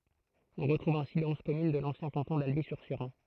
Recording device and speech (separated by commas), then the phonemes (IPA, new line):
throat microphone, read sentence
ɔ̃ ʁətʁuv ɛ̃si le ɔ̃z kɔmyn də lɑ̃sjɛ̃ kɑ̃tɔ̃ dalbi syʁ ʃeʁɑ̃